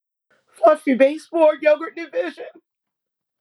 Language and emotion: English, happy